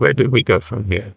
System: TTS, neural waveform model